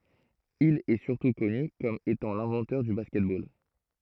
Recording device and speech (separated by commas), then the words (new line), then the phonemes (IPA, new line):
throat microphone, read sentence
Il est surtout connu comme étant l'inventeur du basket-ball.
il ɛə syʁtu kɔny kɔm etɑ̃ lɛ̃vɑ̃tœʁ dy baskɛt bol